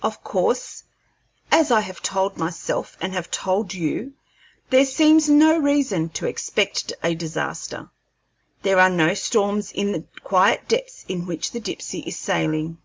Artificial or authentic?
authentic